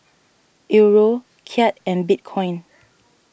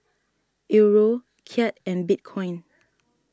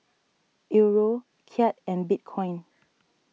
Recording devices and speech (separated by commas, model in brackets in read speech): boundary microphone (BM630), standing microphone (AKG C214), mobile phone (iPhone 6), read sentence